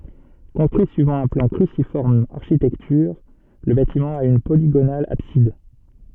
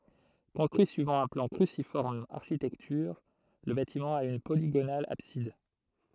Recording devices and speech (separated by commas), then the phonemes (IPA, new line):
soft in-ear microphone, throat microphone, read sentence
kɔ̃stʁyi syivɑ̃ œ̃ plɑ̃ kʁysifɔʁm aʁʃitɛktyʁ lə batimɑ̃ a yn poliɡonal absid